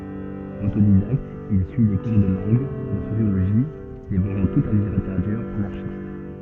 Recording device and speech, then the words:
soft in-ear microphone, read sentence
Autodidacte, il suit des cours de langue, de sociologie, dévorant toute la littérature anarchiste.

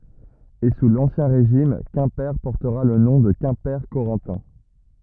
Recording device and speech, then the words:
rigid in-ear microphone, read sentence
Et sous l'Ancien Régime Quimper portera le nom de Quimper-Corentin.

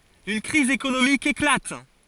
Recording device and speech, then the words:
forehead accelerometer, read sentence
Une crise économique éclate.

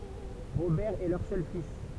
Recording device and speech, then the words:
temple vibration pickup, read sentence
Robert est leur seul fils.

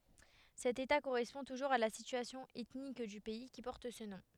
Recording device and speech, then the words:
headset microphone, read sentence
Cet état correspond toujours à la situation ethnique du pays qui porte ce nom.

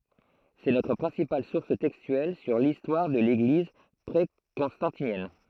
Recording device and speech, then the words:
throat microphone, read sentence
C'est notre principale source textuelle sur l'histoire de l'Église pré-constantinienne.

